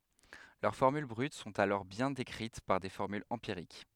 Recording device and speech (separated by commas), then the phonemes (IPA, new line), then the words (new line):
headset microphone, read sentence
lœʁ fɔʁmyl bʁyt sɔ̃t alɔʁ bjɛ̃ dekʁit paʁ de fɔʁmylz ɑ̃piʁik
Leurs formules brutes sont alors bien décrites par des formules empiriques.